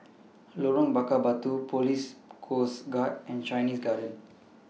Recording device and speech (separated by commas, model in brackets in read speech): mobile phone (iPhone 6), read sentence